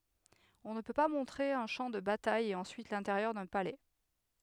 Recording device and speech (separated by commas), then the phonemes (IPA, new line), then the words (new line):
headset microphone, read sentence
ɔ̃ nə pø pa mɔ̃tʁe œ̃ ʃɑ̃ də bataj e ɑ̃syit lɛ̃teʁjœʁ dœ̃ palɛ
On ne peut pas montrer un champ de bataille et ensuite l'intérieur d'un palais.